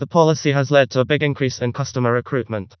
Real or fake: fake